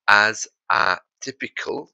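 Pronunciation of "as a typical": In 'as a typical', the s of 'as' moves over onto 'a', so the two words are joined.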